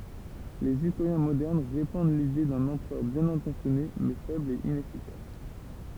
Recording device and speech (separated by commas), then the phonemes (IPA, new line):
temple vibration pickup, read sentence
lez istoʁjɛ̃ modɛʁn ʁepɑ̃d lide dœ̃n ɑ̃pʁœʁ bjɛ̃n ɛ̃tɑ̃sjɔne mɛ fɛbl e inɛfikas